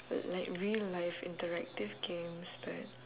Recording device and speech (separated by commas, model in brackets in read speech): telephone, conversation in separate rooms